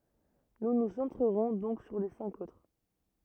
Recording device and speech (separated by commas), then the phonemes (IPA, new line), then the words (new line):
rigid in-ear microphone, read sentence
nu nu sɑ̃tʁəʁɔ̃ dɔ̃k syʁ le sɛ̃k otʁ
Nous nous centrerons donc sur les cinq autres.